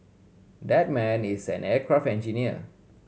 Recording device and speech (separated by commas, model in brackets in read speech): mobile phone (Samsung C7100), read sentence